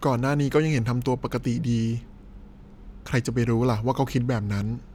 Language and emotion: Thai, frustrated